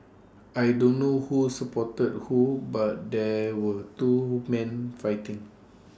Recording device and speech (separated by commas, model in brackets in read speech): standing microphone (AKG C214), read sentence